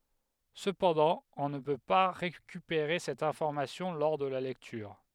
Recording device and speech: headset microphone, read sentence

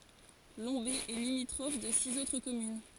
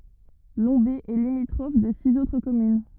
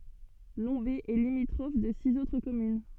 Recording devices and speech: forehead accelerometer, rigid in-ear microphone, soft in-ear microphone, read sentence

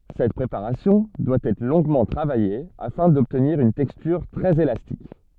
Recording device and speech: soft in-ear microphone, read sentence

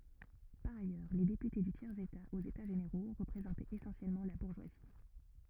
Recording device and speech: rigid in-ear microphone, read sentence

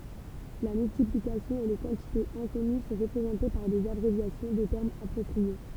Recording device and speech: temple vibration pickup, read sentence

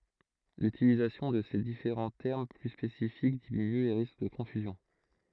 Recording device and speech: throat microphone, read sentence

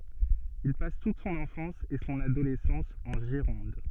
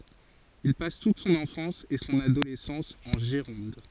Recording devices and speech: soft in-ear microphone, forehead accelerometer, read sentence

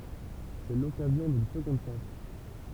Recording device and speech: temple vibration pickup, read sentence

